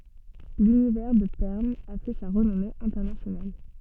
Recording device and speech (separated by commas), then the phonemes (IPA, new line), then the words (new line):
soft in-ear microphone, read sentence
lynivɛʁ də pɛʁn a fɛ sa ʁənɔme ɛ̃tɛʁnasjonal
L'univers de Pern a fait sa renommée internationale.